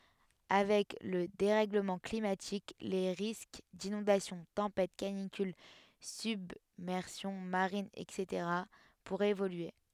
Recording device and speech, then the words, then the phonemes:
headset microphone, read sentence
Avec le dérèglement climatique, les risques d'inondations, tempêtes, canicules, submersion marine, etc. pourraient évoluer.
avɛk lə deʁɛɡləmɑ̃ klimatik le ʁisk dinɔ̃dasjɔ̃ tɑ̃pɛt kanikyl sybmɛʁsjɔ̃ maʁin ɛtseteʁa puʁɛt evolye

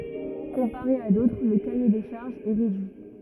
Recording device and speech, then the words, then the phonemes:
rigid in-ear microphone, read sentence
Comparé à d'autres, le cahier des charges est réduit.
kɔ̃paʁe a dotʁ lə kaje de ʃaʁʒz ɛ ʁedyi

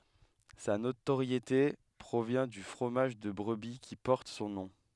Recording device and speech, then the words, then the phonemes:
headset microphone, read sentence
Sa notoriété provient du fromage de brebis qui porte son nom.
sa notoʁjete pʁovjɛ̃ dy fʁomaʒ də bʁəbi ki pɔʁt sɔ̃ nɔ̃

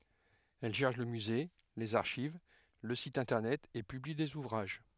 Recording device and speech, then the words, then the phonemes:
headset microphone, read sentence
Elle gère le musée, les archives, le site Internet et publie des ouvrages.
ɛl ʒɛʁ lə myze lez aʁʃiv lə sit ɛ̃tɛʁnɛt e pybli dez uvʁaʒ

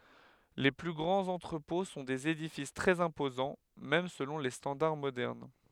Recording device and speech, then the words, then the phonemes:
headset microphone, read sentence
Les plus grands entrepôts sont des édifices très imposants, même selon les standards modernes.
le ply ɡʁɑ̃z ɑ̃tʁəpɔ̃ sɔ̃ dez edifis tʁɛz ɛ̃pozɑ̃ mɛm səlɔ̃ le stɑ̃daʁ modɛʁn

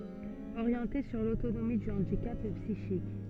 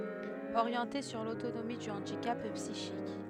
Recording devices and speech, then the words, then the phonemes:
soft in-ear microphone, headset microphone, read sentence
Orienté sur l'autonomie du handicap psychique.
oʁjɑ̃te syʁ lotonomi dy ɑ̃dikap psiʃik

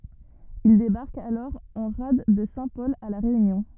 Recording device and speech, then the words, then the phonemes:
rigid in-ear microphone, read sentence
Ils débarquent alors en rade de Saint-Paul à La Réunion.
il debaʁkt alɔʁ ɑ̃ ʁad də sɛ̃tpɔl a la ʁeynjɔ̃

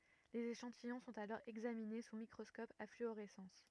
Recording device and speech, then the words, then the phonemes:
rigid in-ear microphone, read sentence
Les échantillons sont alors examinés sous microscope à fluorescence.
lez eʃɑ̃tijɔ̃ sɔ̃t alɔʁ ɛɡzamine su mikʁɔskɔp a flyoʁɛsɑ̃s

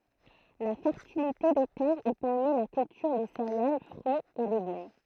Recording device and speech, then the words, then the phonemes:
throat microphone, read sentence
La fertilité des terres y permet la culture de céréales, fruits et légumes.
la fɛʁtilite de tɛʁz i pɛʁmɛ la kyltyʁ də seʁeal fʁyiz e leɡym

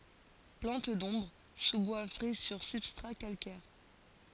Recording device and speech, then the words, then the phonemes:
forehead accelerometer, read sentence
Plante d'ombre, sous-bois frais sur substrats calcaires.
plɑ̃t dɔ̃bʁ suzbwa fʁɛ syʁ sybstʁa kalkɛʁ

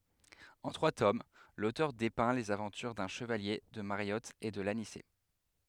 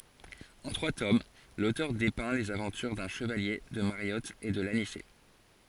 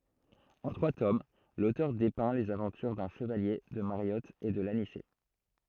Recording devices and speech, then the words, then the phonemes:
headset microphone, forehead accelerometer, throat microphone, read sentence
En trois tomes, l'auteur dépeint les aventures d'un Chevalier, de Mariotte et de l'Anicet.
ɑ̃ tʁwa tom lotœʁ depɛ̃ lez avɑ̃tyʁ dœ̃ ʃəvalje də maʁjɔt e də lanisɛ

